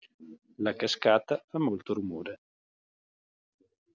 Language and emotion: Italian, neutral